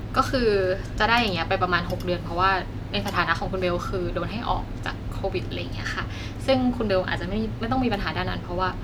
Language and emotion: Thai, neutral